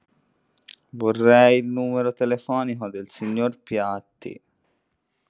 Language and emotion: Italian, sad